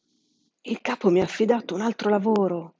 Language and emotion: Italian, surprised